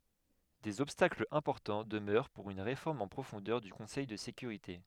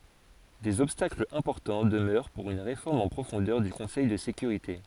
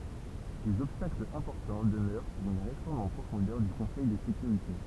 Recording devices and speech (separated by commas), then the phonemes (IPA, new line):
headset microphone, forehead accelerometer, temple vibration pickup, read sentence
dez ɔbstaklz ɛ̃pɔʁtɑ̃ dəmœʁ puʁ yn ʁefɔʁm ɑ̃ pʁofɔ̃dœʁ dy kɔ̃sɛj də sekyʁite